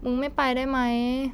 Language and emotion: Thai, sad